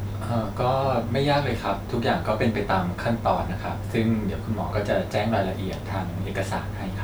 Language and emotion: Thai, neutral